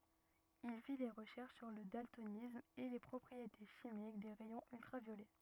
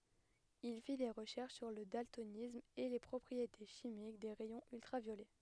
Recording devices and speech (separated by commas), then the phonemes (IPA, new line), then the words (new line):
rigid in-ear microphone, headset microphone, read sentence
il fi de ʁəʃɛʁʃ syʁ lə daltonism e le pʁɔpʁiete ʃimik de ʁɛjɔ̃z yltʁavjolɛ
Il fit des recherches sur le daltonisme et les propriétés chimiques des rayons ultraviolets.